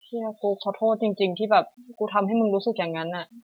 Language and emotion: Thai, sad